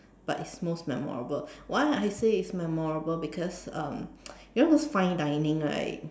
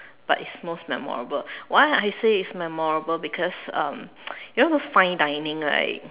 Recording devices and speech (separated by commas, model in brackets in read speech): standing microphone, telephone, conversation in separate rooms